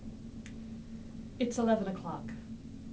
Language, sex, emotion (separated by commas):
English, female, neutral